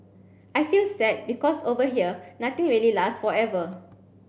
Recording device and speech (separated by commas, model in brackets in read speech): boundary microphone (BM630), read sentence